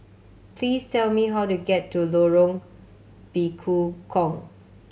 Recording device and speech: mobile phone (Samsung C7100), read sentence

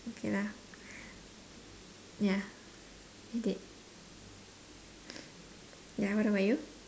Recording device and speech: standing microphone, conversation in separate rooms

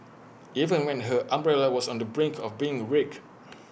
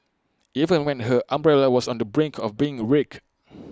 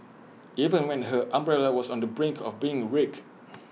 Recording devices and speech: boundary microphone (BM630), close-talking microphone (WH20), mobile phone (iPhone 6), read sentence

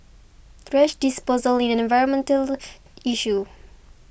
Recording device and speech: boundary microphone (BM630), read sentence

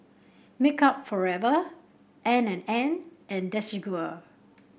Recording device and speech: boundary microphone (BM630), read sentence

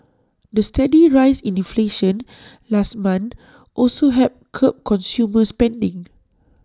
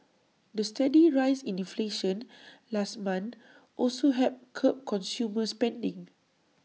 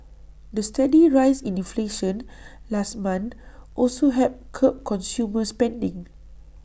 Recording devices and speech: standing microphone (AKG C214), mobile phone (iPhone 6), boundary microphone (BM630), read sentence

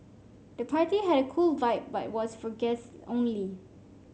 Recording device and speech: mobile phone (Samsung C5), read sentence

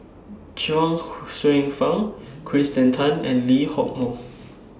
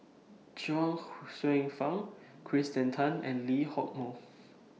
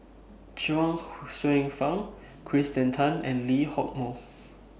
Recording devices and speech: standing microphone (AKG C214), mobile phone (iPhone 6), boundary microphone (BM630), read sentence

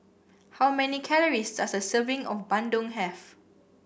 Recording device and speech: boundary microphone (BM630), read sentence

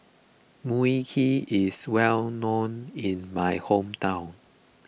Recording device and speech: boundary microphone (BM630), read sentence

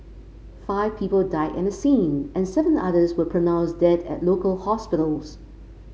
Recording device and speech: mobile phone (Samsung C5), read sentence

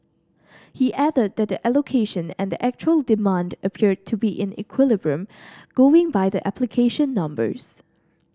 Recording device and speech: standing microphone (AKG C214), read sentence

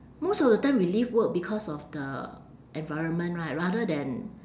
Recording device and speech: standing microphone, conversation in separate rooms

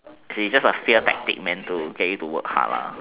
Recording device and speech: telephone, conversation in separate rooms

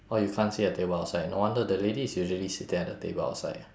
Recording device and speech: standing microphone, conversation in separate rooms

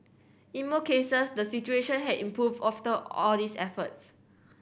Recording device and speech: boundary microphone (BM630), read sentence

